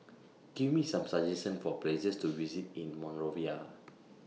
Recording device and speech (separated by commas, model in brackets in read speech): mobile phone (iPhone 6), read sentence